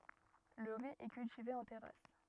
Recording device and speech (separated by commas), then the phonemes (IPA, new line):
rigid in-ear microphone, read sentence
lə ʁi ɛ kyltive ɑ̃ tɛʁas